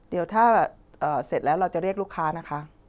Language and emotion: Thai, neutral